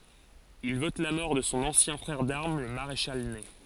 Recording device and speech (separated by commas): forehead accelerometer, read sentence